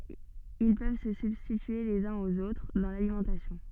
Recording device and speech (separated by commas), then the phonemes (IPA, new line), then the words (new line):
soft in-ear microphone, read sentence
il pøv sə sybstitye lez œ̃z oz otʁ dɑ̃ lalimɑ̃tasjɔ̃
Ils peuvent se substituer les uns aux autres dans l'alimentation.